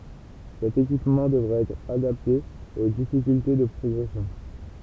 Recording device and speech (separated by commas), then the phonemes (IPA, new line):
temple vibration pickup, read sentence
sɛt ekipmɑ̃ dəvʁa ɛtʁ adapte o difikylte də pʁɔɡʁɛsjɔ̃